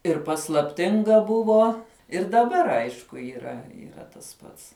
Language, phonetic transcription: Lithuanian, ir paslapˈtinga ˈbuvo ir daˈbar ˈaišku yˈra yˈra tas ˈpats

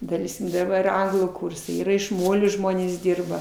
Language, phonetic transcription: Lithuanian, daˈleiskim daˈbar ir ˈanglų ˈkūrsai ˈyra iš ˈmolio ˈžmonės ˈdirba

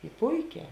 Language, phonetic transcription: Lithuanian, i ˈpuiˌkē

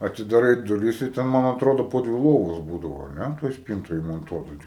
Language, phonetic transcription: Lithuanian, atidaˈrai duˈris ir ˈten man atˈrodo ˈpo dvi loˈvos ˈbūdavo ar ˈne toj ˈspyntoj imonˈtuota

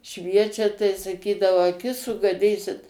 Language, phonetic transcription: Lithuanian, ˈšviečia tai saˈkydavau aˈkis sugaˈdysit

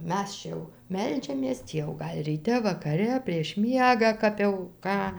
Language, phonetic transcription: Lithuanian, ˈmes čia jau ˈmeldžiamės ˈtį jau ˈgal' ryˈte vakaˈre prieš ˈmiegą ˈkap jau ˈką

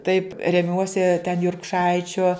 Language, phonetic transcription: Lithuanian, taip reˈmiuosi ten jurkˈšaičio

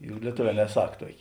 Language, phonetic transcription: Lithuanian, juk lieˈtoˌvē neˈsak ˈtuokė

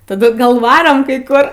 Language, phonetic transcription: Lithuanian, taˈdu ˈgal ˈvarom kai ˈkur

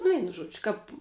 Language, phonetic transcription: Lithuanian, nu ˈveinu ˈžuodži kap

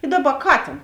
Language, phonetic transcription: Lithuanian, i ˈdaˌba ˈkatėn

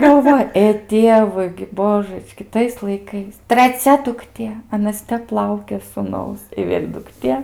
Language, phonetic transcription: Lithuanian, galˈvoj ė ˈtievui gi ˈbožəčki ˈtais laiˈkais traˈcia dukˈtė aˈnas ˈtep ˈlaukė sūˈnaus i ˈvėl' dukˈtė

